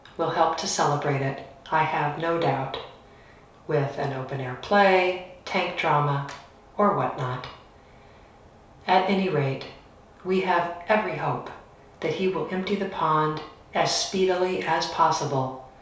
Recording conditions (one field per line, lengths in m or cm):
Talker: one person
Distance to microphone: 3.0 m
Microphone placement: far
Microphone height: 1.8 m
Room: small (3.7 m by 2.7 m)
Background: none